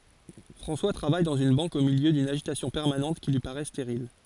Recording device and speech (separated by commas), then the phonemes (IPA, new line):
forehead accelerometer, read sentence
fʁɑ̃swa tʁavaj dɑ̃z yn bɑ̃k o miljø dyn aʒitasjɔ̃ pɛʁmanɑ̃t ki lyi paʁɛ steʁil